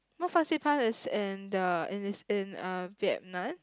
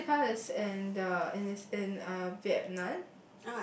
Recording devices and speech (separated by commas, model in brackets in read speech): close-talking microphone, boundary microphone, conversation in the same room